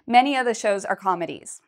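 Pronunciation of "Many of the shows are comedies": In 'many of the', the word 'of' is said very quickly and sounds more like just an 'a' sound.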